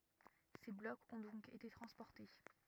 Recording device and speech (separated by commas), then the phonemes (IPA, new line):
rigid in-ear microphone, read sentence
se blɔkz ɔ̃ dɔ̃k ete tʁɑ̃spɔʁte